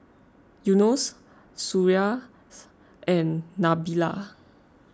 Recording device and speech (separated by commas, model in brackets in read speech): close-talking microphone (WH20), read sentence